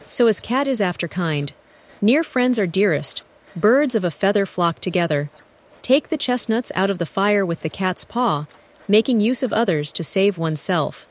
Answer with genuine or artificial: artificial